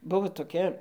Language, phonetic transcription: Lithuanian, ˈbuvo toˈkia

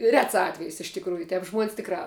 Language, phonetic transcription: Lithuanian, ˈrets ˈatvejis iš tikˈrųju ˈtep žmuon's' ˈtikrā

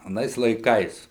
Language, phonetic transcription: Lithuanian, aˈnais laiˈkais

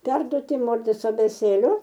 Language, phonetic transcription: Lithuanian, ˈperduoti ˈmorzės abėˈcėle

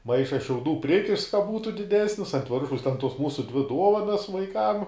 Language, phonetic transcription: Lithuanian, ˈmaišas šiauˈdų ˈprikišts ka ˈbūtu diˈdesnis ant ˈviršaus ten ˈtuos ˈmūsu ˈdvi ˈduovanas vaiˈkam

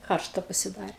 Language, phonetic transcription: Lithuanian, ˈkaršta pasiˈdarė

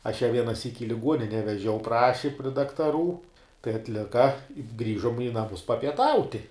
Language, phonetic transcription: Lithuanian, aš ja vienaˈsyk i liˈguonine veˈžiau ˈpraši pri daktaˈrų tai atˈlika ˈgrįžom i naˈmus papieˈtauti

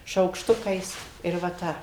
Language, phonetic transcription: Lithuanian, šaukšˈtukais ir va ˈta

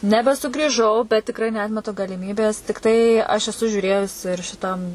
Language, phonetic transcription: Lithuanian, nebesugrįˈžau bet tikˈrai neˈatmetu galiˈmybės tikˈtai aš eˈsu žiūˈrėjus ir šiˈtam

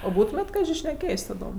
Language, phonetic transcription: Lithuanian, o ˈbūtumėt' ˈkaži šneˈkėjs' taˈdom

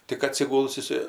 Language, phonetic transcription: Lithuanian, tik atsiˈguls iˈsai

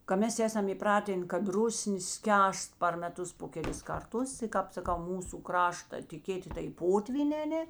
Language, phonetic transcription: Lithuanian, ka ˈmes ˈesam įˈpratėn kad ˈrusnė ˈskęst par meˈtus po keˈlis ˈkarˌtus i ˈkāp saˈkau ˈmūsu ˈkrašta tė ˈkėti tai ˈpotvynē aˈnė

